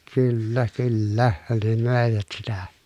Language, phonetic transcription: Finnish, kyllä , kyllä , ne mö̀evät sitä .
- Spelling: kyllä kyllä ne möivät sitä

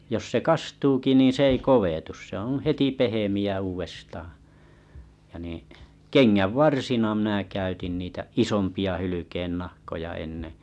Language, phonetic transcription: Finnish, jos se 'kastuuki nì 's ‿ei "kovetus se oo̰ 'heti "pehemi₍ä 'uuvestaaᵃ̰ , ja niḭ , "keŋŋävvarsina 'mĭǹä̀ 'käytin niitä 'isompi₍a 'hylykeennahkoja enne .
- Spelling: jos se kastuukin niin se ei kovetu se on heti pehmeä uudestaan ja niin kengänvarsina minä käytin niitä isompia hylkeennahkoja ennen

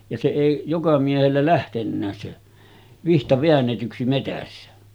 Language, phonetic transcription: Finnish, ja se 'èi , joka miehellä 'lähtennääs se , 'vihta veännetyksi metässä .
- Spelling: ja se ei joka miehellä lähtenytkään se vitsa väännetyksi metsässä

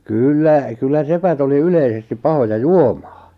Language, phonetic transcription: Finnish, 'kyllä , 'kyllä 'sepät ‿oli 'yleisestip "pahoja "juomᴀᴀ .
- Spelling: kyllä kyllä sepät oli yleisesti pahoja juomaan

